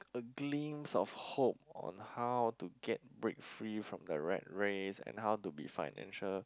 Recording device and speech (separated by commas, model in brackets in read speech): close-talking microphone, conversation in the same room